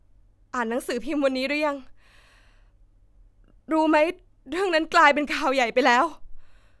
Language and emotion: Thai, sad